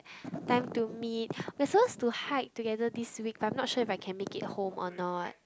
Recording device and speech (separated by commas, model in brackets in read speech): close-talking microphone, conversation in the same room